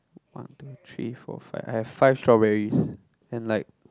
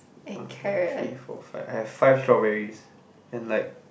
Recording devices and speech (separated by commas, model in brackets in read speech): close-talking microphone, boundary microphone, conversation in the same room